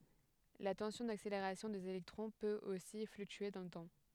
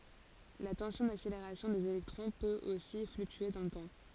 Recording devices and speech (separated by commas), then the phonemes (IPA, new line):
headset microphone, forehead accelerometer, read sentence
la tɑ̃sjɔ̃ dakseleʁasjɔ̃ dez elɛktʁɔ̃ pøt osi flyktye dɑ̃ lə tɑ̃